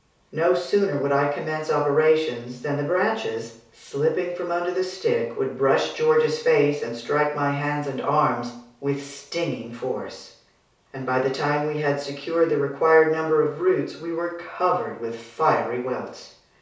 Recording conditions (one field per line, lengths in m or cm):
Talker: one person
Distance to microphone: 3.0 m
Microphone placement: far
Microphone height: 1.8 m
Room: small (3.7 m by 2.7 m)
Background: none